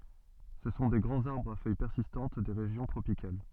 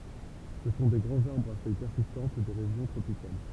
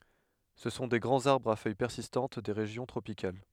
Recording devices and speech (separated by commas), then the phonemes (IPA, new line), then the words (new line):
soft in-ear microphone, temple vibration pickup, headset microphone, read sentence
sə sɔ̃ de ɡʁɑ̃z aʁbʁz a fœj pɛʁsistɑ̃t de ʁeʒjɔ̃ tʁopikal
Ce sont des grands arbres à feuilles persistantes des régions tropicales.